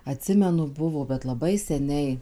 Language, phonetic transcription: Lithuanian, aˈtsimenu ˈbuvo bet laˈbai seˈniai

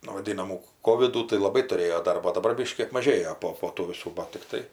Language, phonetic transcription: Lithuanian, nu vaˈdynamų ˈkovidų tai laˈbai tuˈrėjo ˈdarbo o daˈbar ˈbiškį apmaˈžėjo ˈpo po ˈtų viˈsų ˈbat tikˈtai

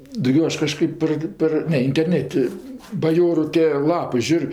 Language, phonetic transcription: Lithuanian, dauˈgio ˈaš kaˈžkɜp par ˈpar ˈne interˈneti baˈjoru tė ˈlapɜ ˈžiūr'

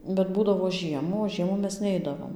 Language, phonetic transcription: Lithuanian, bet ˈbūdavo ˈžiemų o ˈžiemų ˈmes ˈneidavom

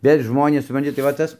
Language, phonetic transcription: Lithuanian, ˈvėl' ˈžmonės supranˈti tai va ˈtas

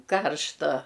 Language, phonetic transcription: Lithuanian, ˈkaršta

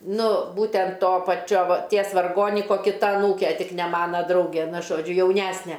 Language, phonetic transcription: Lithuanian, ˈnu ˈbūtent ˈto paˈčio va ˈties varˈgoniko kiˈta aˈnūke ˈtik ne ˈmana ˈdrauge ˈnu žoˈdžiu jauˈnæsne

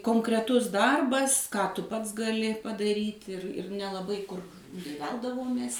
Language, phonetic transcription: Lithuanian, konkreˈtus ˈdarbas ką ˈtu ˈpats gaˈli padaˈryt' ir ir nelaˈbai kur nei ˈveldavomės

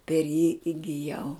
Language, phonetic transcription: Lithuanian, per jį igiˈjau

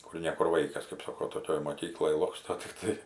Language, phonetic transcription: Lithuanian, ˈkur ne ˈkur ˈvaikas kap ˈsako toˈkioj moˈkykloj ˈloksto tikˈtai

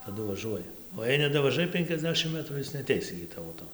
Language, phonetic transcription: Lithuanian, taˈdu vaˈžuoja o jei nedavaˈžai penkiasˈdešim ˈmətrų ˈis neaˈteis igi ˈtavo ˈto

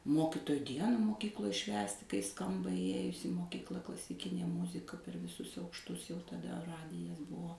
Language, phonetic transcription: Lithuanian, ˈmokitoju ˈdiena moˈkykloj ˈšvęsti kai ˈskamba įˈjėjus į moˈkykla klasiˈkinė ˈmuzika per viˈsus aukšˈtus jau taˈda ˈradijas ˈbuvo

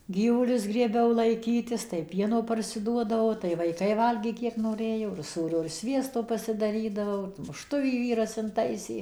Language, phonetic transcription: Lithuanian, ˈgyvulius grieˈbiau laiˈkytis tai ˈpieno parsiˈduodavau tai vaiˈkai ˈvalgė ˈkiek noˈrėjo ir ˈsūrio ir ˈsviesto pasidaˈrydavau mušˈtuvį ˈvyras inˈtaisė

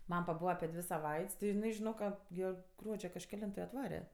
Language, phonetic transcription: Lithuanian, ˈmam paˈbūva api ˈdvi saˈvait's' ti jiˈnai žiˈnok ˈka ˈgie ˈgruodžio kažkeˈlinto i atˈvare

